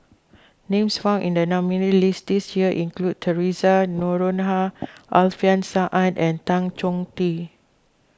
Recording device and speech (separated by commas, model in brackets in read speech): close-talking microphone (WH20), read sentence